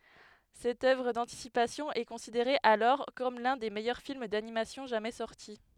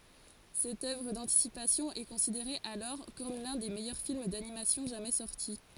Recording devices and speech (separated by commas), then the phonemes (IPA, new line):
headset microphone, forehead accelerometer, read sentence
sɛt œvʁ dɑ̃tisipasjɔ̃ ɛ kɔ̃sideʁe alɔʁ kɔm lœ̃ de mɛjœʁ film danimasjɔ̃ ʒamɛ sɔʁti